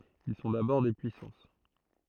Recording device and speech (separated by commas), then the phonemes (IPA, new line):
throat microphone, read sentence
il sɔ̃ dabɔʁ de pyisɑ̃s